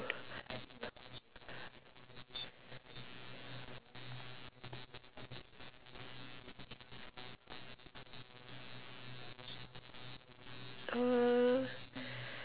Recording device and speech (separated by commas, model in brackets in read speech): telephone, conversation in separate rooms